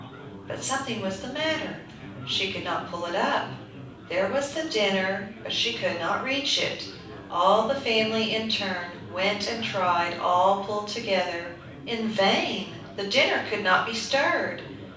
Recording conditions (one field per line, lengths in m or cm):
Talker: one person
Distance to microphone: 5.8 m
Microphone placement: far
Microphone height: 1.8 m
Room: medium-sized (5.7 m by 4.0 m)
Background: babble